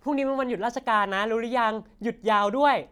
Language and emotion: Thai, happy